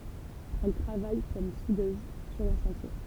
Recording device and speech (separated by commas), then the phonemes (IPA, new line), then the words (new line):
temple vibration pickup, read sentence
ɛl tʁavaj kɔm sudøz syʁ œ̃ ʃɑ̃tje
Elle travaille comme soudeuse sur un chantier.